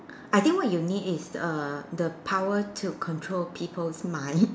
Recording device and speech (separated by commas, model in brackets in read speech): standing microphone, conversation in separate rooms